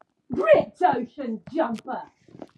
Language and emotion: English, disgusted